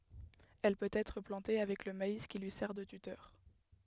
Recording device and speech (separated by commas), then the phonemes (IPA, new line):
headset microphone, read sentence
ɛl pøt ɛtʁ plɑ̃te avɛk lə mais ki lyi sɛʁ də tytœʁ